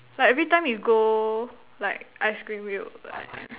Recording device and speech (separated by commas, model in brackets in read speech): telephone, conversation in separate rooms